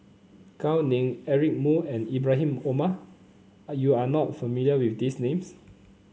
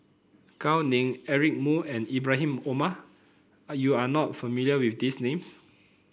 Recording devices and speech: mobile phone (Samsung C9), boundary microphone (BM630), read sentence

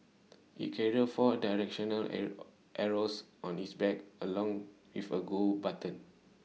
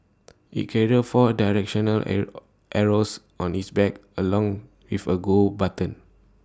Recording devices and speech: mobile phone (iPhone 6), standing microphone (AKG C214), read sentence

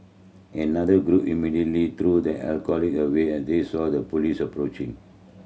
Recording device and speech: mobile phone (Samsung C7100), read sentence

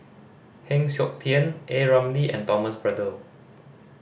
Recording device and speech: boundary microphone (BM630), read sentence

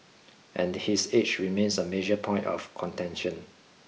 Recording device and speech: mobile phone (iPhone 6), read sentence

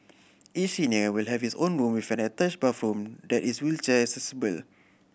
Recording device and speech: boundary microphone (BM630), read sentence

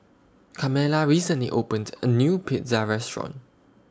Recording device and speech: standing microphone (AKG C214), read sentence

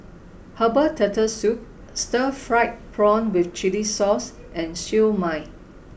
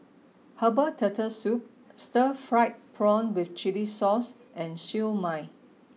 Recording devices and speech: boundary microphone (BM630), mobile phone (iPhone 6), read sentence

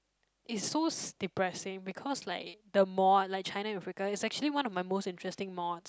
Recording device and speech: close-talking microphone, conversation in the same room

